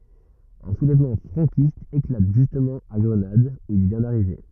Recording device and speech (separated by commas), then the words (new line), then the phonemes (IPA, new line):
rigid in-ear microphone, read sentence
Un soulèvement franquiste éclate justement à Grenade où il vient d'arriver.
œ̃ sulɛvmɑ̃ fʁɑ̃kist eklat ʒystmɑ̃ a ɡʁənad u il vjɛ̃ daʁive